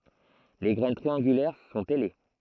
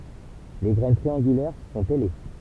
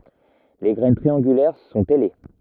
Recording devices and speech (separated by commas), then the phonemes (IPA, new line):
throat microphone, temple vibration pickup, rigid in-ear microphone, read sentence
le ɡʁɛn tʁiɑ̃ɡylɛʁ sɔ̃t ɛle